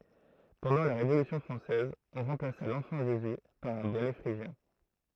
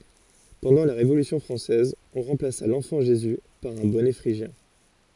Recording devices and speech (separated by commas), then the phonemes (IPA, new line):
throat microphone, forehead accelerometer, read sentence
pɑ̃dɑ̃ la ʁevolysjɔ̃ fʁɑ̃sɛz ɔ̃ ʁɑ̃plasa lɑ̃fɑ̃ ʒezy paʁ œ̃ bɔnɛ fʁiʒjɛ̃